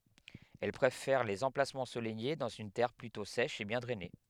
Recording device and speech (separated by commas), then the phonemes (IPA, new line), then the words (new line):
headset microphone, read sentence
ɛl pʁefɛʁ lez ɑ̃plasmɑ̃z ɑ̃solɛje dɑ̃z yn tɛʁ plytɔ̃ sɛʃ e bjɛ̃ dʁɛne
Elle préfère les emplacements ensoleillés dans une terre plutôt sèche et bien drainée.